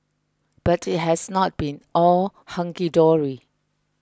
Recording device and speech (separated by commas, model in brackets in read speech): close-talking microphone (WH20), read sentence